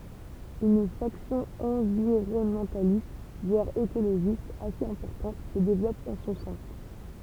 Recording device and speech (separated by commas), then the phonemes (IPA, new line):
temple vibration pickup, read sentence
yn faksjɔ̃ ɑ̃viʁɔnmɑ̃talist vwaʁ ekoloʒist asez ɛ̃pɔʁtɑ̃t sə devlɔp ɑ̃ sɔ̃ sɛ̃